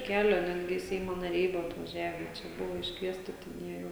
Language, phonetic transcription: Lithuanian, ˈkelio ˈnetgi ˈseimo naˈriai ˈbuvo atvaˈžiave ˈčia ˈbuvo iškˈviesti ten ˈjie jau

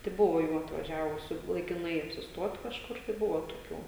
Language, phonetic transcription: Lithuanian, tai ˈbuvo ˈjų atvaˈžiavusiu laikiˈnai apsisˈtuot kažˈkur tai ˈbuvo toˈkių

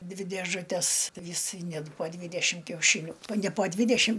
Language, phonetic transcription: Lithuanian, ˈdvi dėžuˈtes ˈvis ˈnet po ˈdvydešim kiauˈšyniu ne po ˈdvydešim

